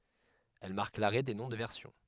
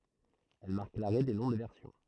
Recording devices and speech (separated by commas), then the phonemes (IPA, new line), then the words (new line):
headset microphone, throat microphone, read sentence
ɛl maʁk laʁɛ de nɔ̃ də vɛʁsjɔ̃
Elle marque l’arrêt des noms de versions.